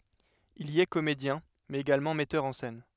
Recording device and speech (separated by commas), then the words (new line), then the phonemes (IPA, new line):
headset microphone, read sentence
Il y est comédien, mais également metteur en scène.
il i ɛ komedjɛ̃ mɛz eɡalmɑ̃ mɛtœʁ ɑ̃ sɛn